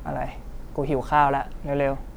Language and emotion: Thai, neutral